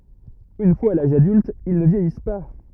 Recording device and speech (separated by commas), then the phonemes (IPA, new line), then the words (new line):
rigid in-ear microphone, read sentence
yn fwaz a laʒ adylt il nə vjɛjis pa
Une fois à l'âge adulte, ils ne vieillissent pas.